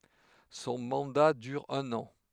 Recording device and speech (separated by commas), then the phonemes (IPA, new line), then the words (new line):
headset microphone, read sentence
sɔ̃ mɑ̃da dyʁ œ̃n ɑ̃
Son mandat dure un an.